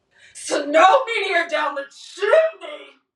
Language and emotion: English, disgusted